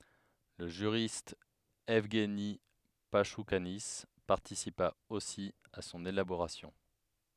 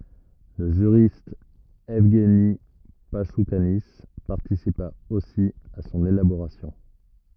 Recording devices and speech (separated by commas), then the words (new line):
headset microphone, rigid in-ear microphone, read sentence
Le juriste Evgueni Pachoukanis participa aussi à son élaboration.